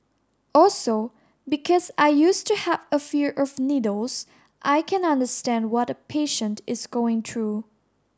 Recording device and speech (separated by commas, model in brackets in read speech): standing microphone (AKG C214), read sentence